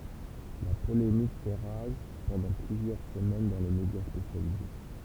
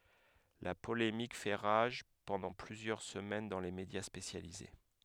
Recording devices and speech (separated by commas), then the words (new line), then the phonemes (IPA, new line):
temple vibration pickup, headset microphone, read sentence
La polémique fait rage pendant plusieurs semaines dans les médias spécialisés.
la polemik fɛ ʁaʒ pɑ̃dɑ̃ plyzjœʁ səmɛn dɑ̃ le medja spesjalize